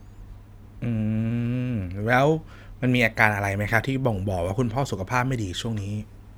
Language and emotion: Thai, neutral